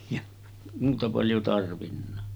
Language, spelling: Finnish, ja muuta paljon tarvinnut
- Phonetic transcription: ja 'muuta paljo tarvinna .

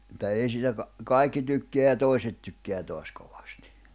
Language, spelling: Finnish, että ei siitä - kaikki tykkää ja toiset tykkää taas kovasti
- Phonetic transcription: [et]tä ei siitä ka- , 'kaikki tykkeä ja 'tòi̬set tykkeä toas 'koᴠᴀstɪ .

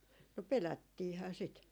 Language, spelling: Finnish, no pelättiinhän sitä
- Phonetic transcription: no 'pelättiihää sit .

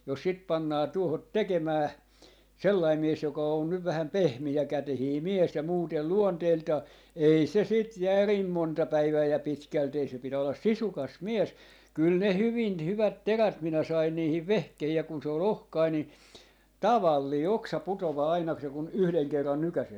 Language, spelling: Finnish, jos sitä pannaan tuohon tekemään sellainen mies joka on nyt vähän pehmeäkätinen mies ja muuten luonteeltaan ei se sitä järin monta päivää ja pitkälti ei se pitää olla sisukas mies kyllä ne hyvin hyvät terät minä sain niihin vehkeisiin ja kun se oli ohkainen niin tavallinen oksa putoaa aina kun se kun yhden kerran nykäisee
- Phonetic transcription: jos 'sit 'pannaa 'tuohot "tekemää , "sellai 'mies joka on nyv vähäm "pehmi₍ä'kätehii "mies ja 'muutel "luonteeltaa , 'ei se 'sit "järim 'monta 'päivää ja 'pitkält ‿ei se 'pitää ollas "sisukas "mies , 'kyl ne 'hyvin , 'hyvät 'terät minä sain 'niihiv "vehkehii ja 'kun se ‿o"l ‿ohkai ni , "tavallii "oksa 'putovaa 'aina ku se kun , "yhleŋ 'kerran 'nykäsee .

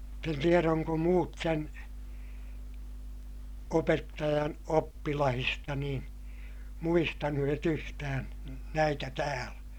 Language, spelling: Finnish, mutta en tiedä onko muut sen opettajan oppilaista niin muistaneet yhtään näitä täällä
- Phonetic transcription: (mut)t ‿en tierä oŋko muut sen , opettajan oppilahista niḭ , muistanu₍et ‿yhtään̬ , näitä täälÄ .

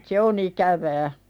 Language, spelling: Finnish, se on ikävää
- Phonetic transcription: se o'n ‿ikävää .

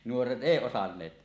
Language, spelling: Finnish, nuoret ei osanneet
- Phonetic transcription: 'nuoret "ˀèi osanneet .

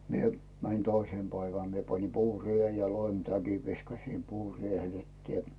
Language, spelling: Finnish, minä menin toisena päivänä minä panin puureen ja loimitäkin viskasin puureelle että
- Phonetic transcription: mie , mänⁱn 'toisèm päivän mie pani "puuri₍en ja "loimtäkiv viskasim 'puuriehel ettⁱe .

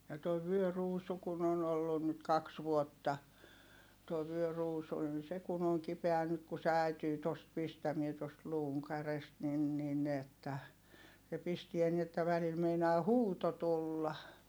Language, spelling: Finnish, ja tuo vyöruusu kun on ollut nyt kaksi vuotta tuo vyöruusu niin se kun on kipeä nyt kun se äityy tuosta pistämään tuosta luun kärjestä niin niin että se pistää niin että välillä meinaa huuto tulla
- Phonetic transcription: ja toi vyöruusu kun ‿on ‿ollun nyt kaks vuotta , tuoi vyöruusu nin se kun ‿oŋ kipeä nyt ku se ä̀ityy tost pistämie tost luuŋ kärest nin nin ‿että , se pistiä ni että välil meinaa huuto tulla .

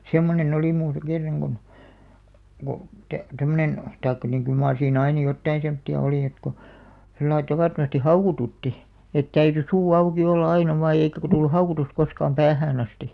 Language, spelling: Finnish, semmoinen oli minussa kerran kun kun - tämmöinen tai niin kyllä mar siinä aina jotakin semmoista oli että kun sillä lailla tavattomasti haukotutti että täytyi suu auki olla aina vain ja eikä - tullut haukotus koskaan päähän asti
- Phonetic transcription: semmone'n ‿olì muusᵃ 'kerraŋ ɢon , ko , tᵃ̈- , 'tämmönen , taikka niŋ kyl maar siin "aina 'jottain̬ semtti₍a 'olì et ko , sellai 'tavàttomasti "haukotutti , et 'täyty "suu 'auki 'olla 'aina vaaj ja eikä ko- tuilu "haukotus koskaam 'päähään ‿asti .

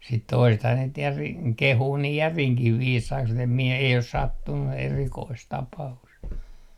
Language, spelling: Finnish, sitten toisethan niitä järin kehuu niin järinkin viisaiksi mutta en minä ei ole sattunut erikoista tapausta
- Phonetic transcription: sit 'toisethaa niit 'järiŋ "kehuu nii "järiŋkih 'viisaiks mut ‿em mie , ei os "sattunnu 'erikoist "tapa₍ust .

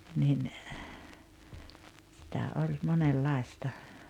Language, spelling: Finnish, niin sitä oli monenlaista
- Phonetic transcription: nin , sitä oĺ monel'làesta .

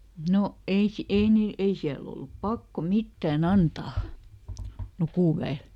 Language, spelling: Finnish, no ei - ei niillä ei siellä ollut pakko mitään antaa lukuväelle
- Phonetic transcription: ˈno , ˈei si- , ˈei niil , ˈei siäl ‿ollup "pakko ˈmittä̀ˈn ‿antaa , "lukùvä₍el .

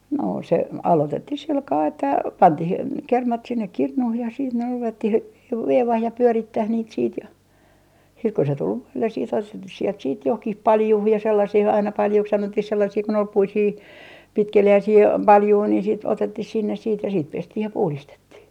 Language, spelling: Finnish, no se aloitettiin sillä kalella että pantiin kermat sinne kirnuun ja sitten ne ruvettiin - veivaamaan ja pyörittämään niitä sitten ja sitten kun se tuli voille sitten sieltä johonkin paljuun ja sellaisia aina paljuiksi sanottiin sellaisia kun oli puisia pitkeliäisiä paljuja niin sitten otettiin sinne siitä ja siitä pestiin ja puhdistettiin
- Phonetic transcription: no se "alotettih 'silkaa että , "pantih , 'kermat sinnek "kirnuh ja siit ne , 'ruvettih ve - 'veivaah ja 'pyörittäh niit siit ja , siit ku se tul 'voilles siit sielt 'johkih "paljuh ja 'sellasih ‿aina 'paljuks 'sanottih sellasii kun ‿ol 'puisii , 'pitkeli₍äisii , "paljui ni siit otettih sinnes siit ja siit 'pestih ja 'puhlistettih .

